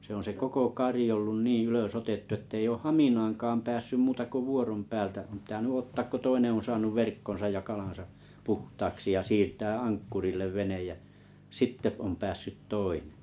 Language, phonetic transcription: Finnish, se ‿on se 'koko 'kari ollun 'nii 'ylösotettu ᵉttei ooʰ "haminaaŋkaam 'päässym 'muuta ko 'vuorom 'päältä ᵒᵐ pⁱtäny 'ottaak ko 'toineḛ on̬ saanuv 'verkkon̬saj ja 'kalan̬sa , 'puhtaaksi ja siirtää "ankkurillev 'venej jä , "sitte om 'päässyt "toineᵉ̰ .
- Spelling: se on se koko kari ollut niin ylösotettu että ei ole haminaankaan päässyt muuta kuin vuoron päältä on pitänyt ottaa kun toinen on saanut verkkonsa ja kalansa puhtaaksi ja siirtää ankkurille vene ja sitten on päässyt toinen

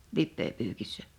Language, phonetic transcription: Finnish, 'lippeepyykissᴀ̈ .
- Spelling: lipeäpyykissä

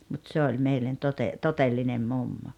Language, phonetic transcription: Finnish, mut 'se oĺ 'meillen 'tote- , "totellinem "mummo .
- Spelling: mutta se oli meille - todellinen mummo

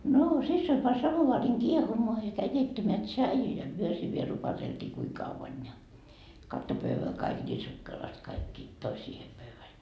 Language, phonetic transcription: Finnish, Noo 'sissoi pa 'samovaariŋ "kiehumoa ja käi 'keittämeä "tšaiju ja 'myö sii viel 'rupateltii kui 'kavvan ja , 'katto 'pövvä kaik ńii 'sukkelast kaikki , 'toi siihe pövväl .
- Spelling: no siskoni pani samovaarin kiehumaan ja kävi keittämään tsaijua ja me siinä vielä rupateltiin kuinka kauan ja kattoi pöydän kaikki niin sukkelasti kaikki toi siihen pöydälle

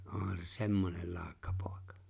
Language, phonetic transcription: Finnish, 'ohan se "semmonel 'laaᵒkkapòekᴀ .
- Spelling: onhan se semmoinen laukkapoika

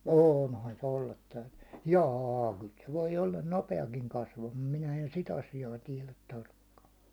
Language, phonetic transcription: Finnish, oonhan se ollat täytyɴɴʏ , "jâ kyl se 'voi 'ollan "nope₍akiŋ 'kasvamᴀᴀ 'minä en 'si't ‿asijaa 'tiɛlät tarkkaa .
- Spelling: onhan se olla täytynyt ja kyllä se voi olla nopeakin kasvamaan minä en sitä asiaa tiedä tarkkaan

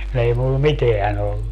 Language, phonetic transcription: Finnish, kun ‿ei mulla "miteä'n ‿ollu .
- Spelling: kun ei minulla mitään ollut

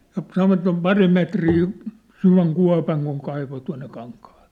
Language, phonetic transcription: Finnish, ja 'sanovat se ‿om "pari 'metrii , 'syväŋ 'kua̭paŋ kuŋ 'kaivo tua̭nne 'kaŋkahᴀʟ̆ʟᴇ .
- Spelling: ja sanovat se on pari metriä syvän kuopan kun kaivo tuonne kankaalle

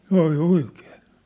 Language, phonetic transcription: Finnish, ('sĕ ŏli) 'oikeen .
- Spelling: se oli oikein

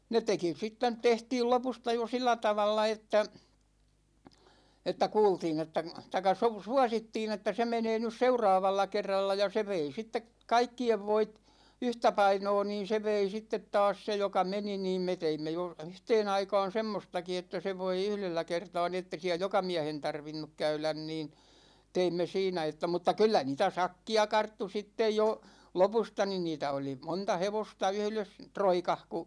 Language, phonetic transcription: Finnish, 'ne teki 'sit tänt 'tehtiil 'lopusta jo 'sillä 'tavalla että , että 'kuultiin ‿että , taⁱkka su- , "suasittiin että 'se 'menee nys "seuraavalla 'kerralla , ja 'se vei 'sittek "kaikki₍ev 'voit , 'yhtäpainoo niin̬ 'se vei 'sittet taas 'se joka "meni niim me 'teimme jo , 'yhteen ‿aikaan̬ 'semmostaki että 'se voi "yhlellä 'kertaa ni ette[i] siä "joka 'miähen 'tarvinnuk 'käylän niin , 'teimme siinä että mutta 'kyllä 'niitä "sakki₍a 'karttu 'sittej jo , "lopusta nin 'niitä oli , 'monta "hevosta 'yhles , "troikah ku .
- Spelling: ne teki sitten tänne tehtiin lopusta jo sillä tavalla että että kuultiin että tai - suosittiin että se menee nyt seuraavalla kerralla ja se vei sitten kaikkien voit yhtä painoa niin se vei sitten taas se joka meni niin me teimme jo yhteen aikaan semmoistakin että se voi yhdellä kertaa niin että ei siellä joka miehen tarvinnut käydä niin teimme siinä että mutta kyllä niitä sakkia karttui sitten jo lopusta niin niitä oli monta hevosta yhdessä roikassa kun

